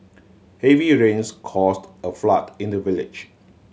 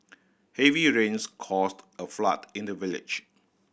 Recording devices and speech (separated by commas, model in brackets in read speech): mobile phone (Samsung C7100), boundary microphone (BM630), read sentence